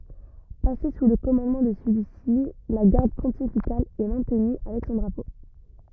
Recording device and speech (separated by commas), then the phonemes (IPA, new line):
rigid in-ear microphone, read sentence
pase su lə kɔmɑ̃dmɑ̃ də səlyi si la ɡaʁd pɔ̃tifikal ɛ mɛ̃tny avɛk sɔ̃ dʁapo